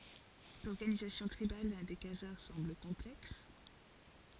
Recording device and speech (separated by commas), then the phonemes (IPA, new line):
forehead accelerometer, read sentence
lɔʁɡanizasjɔ̃ tʁibal de kazaʁ sɑ̃bl kɔ̃plɛks